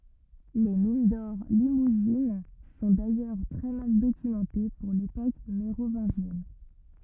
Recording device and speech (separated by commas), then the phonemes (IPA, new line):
rigid in-ear microphone, read sentence
le min dɔʁ limuzin sɔ̃ dajœʁ tʁɛ mal dokymɑ̃te puʁ lepok meʁovɛ̃ʒjɛn